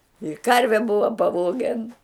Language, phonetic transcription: Lithuanian, i ˈkarve ˈbuva paˈvogen

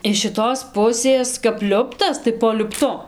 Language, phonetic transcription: Lithuanian, iš šiˈtos ˈpusės kap ˈliuptas tai po liupˈtu

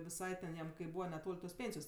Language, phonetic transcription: Lithuanian, viˈsai ten ˈjam kai ˈbūva neˈtol' tos ˈpėnsijos

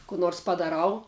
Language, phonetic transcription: Lithuanian, ku ˈnors padaˈrau

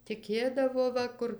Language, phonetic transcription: Lithuanian, tiˈkėdavo ˈva kur

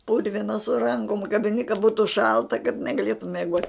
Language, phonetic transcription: Lithuanian, ˈpurvina su ˈrankom kabiˈni ka ˈbūtu ˈšalta kad negaˈlėtum mieˈgot'

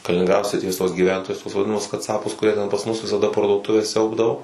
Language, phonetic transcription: Lithuanian, kalininˈgrado sriˈties tuos gyˈventojus tuos vadiˈnamus kaˈcapus kuˈrie ten pas ˈmus visaˈda parduoˈtuves ˈsiaubdavo

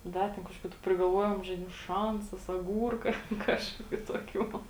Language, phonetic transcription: Lithuanian, ˈda ten kažˈkokiu tu prigalˈvuojom žaiˈdimu ˈšansas aˈgūrka ˈkažkokiu toˈkių

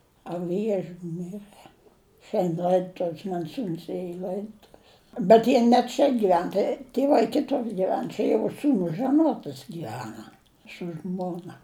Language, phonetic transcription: Lithuanian, a ˈviežiu ˈmirɘ ˈšiand' ˈlaidutuv's man ˈsūns ˈėja i ˈlaidotuv's bet ˈjie ne ˈčia giˈven ˈtai tieˈvai ˈkitur giˈven ˈčia jau ˈsūnus žaˈnuotas gyˈvena su ˈžmona

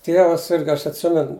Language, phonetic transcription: Lithuanian, ˈtievas ˈsirga ˈaš atˈsimen

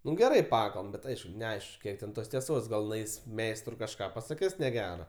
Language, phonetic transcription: Lithuanian, ˈnu geˈrai ˈpakalbam ˈbet ˈaišku neˈaišk ˈkiek ten ˈtos tieˈsos gal nuˈais ˈmeistrui kažˈką pasaˈkis neˈgera

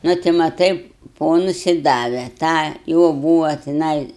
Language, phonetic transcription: Lithuanian, ˈnu ti maˈtai ˈponus i ˈdave ˈtą ˈjo ˈbūva tiˈnai

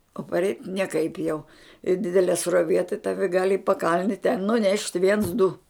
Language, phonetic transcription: Lithuanian, o parˈeit' nieˈkaip jau i ˈdidelie sruoˈvie tai ˈtavi gal' i paˈkalni ten nuˈnešt' viens du

